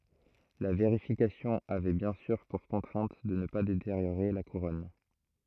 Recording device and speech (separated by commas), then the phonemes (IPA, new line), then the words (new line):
throat microphone, read sentence
la veʁifikasjɔ̃ avɛ bjɛ̃ syʁ puʁ kɔ̃tʁɛ̃t də nə pa deteʁjoʁe la kuʁɔn
La vérification avait bien sûr pour contrainte de ne pas détériorer la couronne.